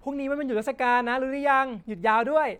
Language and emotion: Thai, happy